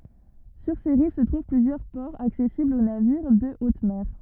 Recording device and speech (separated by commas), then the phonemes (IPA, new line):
rigid in-ear microphone, read sentence
syʁ se ʁiv sə tʁuv plyzjœʁ pɔʁz aksɛsiblz o naviʁ də ot mɛʁ